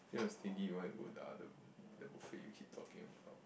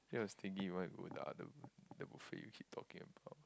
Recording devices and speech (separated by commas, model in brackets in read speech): boundary microphone, close-talking microphone, conversation in the same room